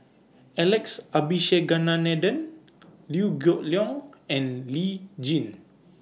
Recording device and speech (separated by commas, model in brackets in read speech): mobile phone (iPhone 6), read sentence